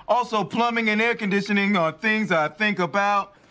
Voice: montone voice